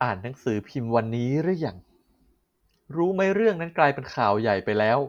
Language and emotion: Thai, frustrated